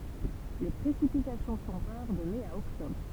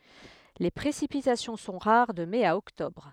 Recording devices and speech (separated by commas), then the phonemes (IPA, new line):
temple vibration pickup, headset microphone, read sentence
le pʁesipitasjɔ̃ sɔ̃ ʁaʁ də mɛ a ɔktɔbʁ